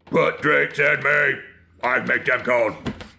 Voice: scary voice